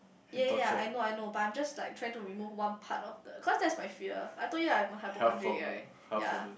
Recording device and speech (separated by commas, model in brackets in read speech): boundary microphone, conversation in the same room